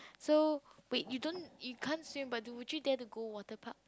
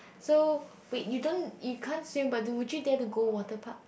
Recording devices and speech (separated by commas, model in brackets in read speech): close-talking microphone, boundary microphone, conversation in the same room